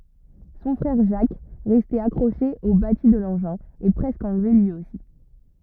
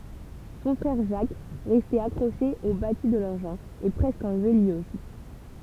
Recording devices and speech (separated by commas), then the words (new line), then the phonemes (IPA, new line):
rigid in-ear microphone, temple vibration pickup, read sentence
Son frère, Jacques, resté accroché au bâti de l’engin, est presque enlevé, lui aussi.
sɔ̃ fʁɛʁ ʒak ʁɛste akʁoʃe o bati də lɑ̃ʒɛ̃ ɛ pʁɛskə ɑ̃lve lyi osi